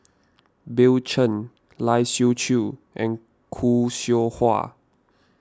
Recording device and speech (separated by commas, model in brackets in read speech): standing microphone (AKG C214), read sentence